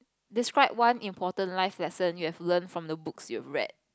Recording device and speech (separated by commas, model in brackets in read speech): close-talking microphone, conversation in the same room